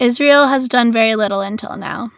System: none